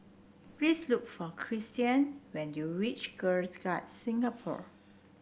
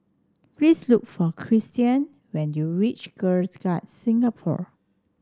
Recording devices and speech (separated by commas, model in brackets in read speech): boundary microphone (BM630), standing microphone (AKG C214), read sentence